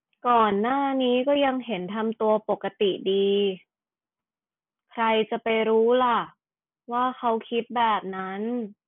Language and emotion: Thai, frustrated